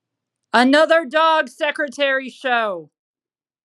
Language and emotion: English, neutral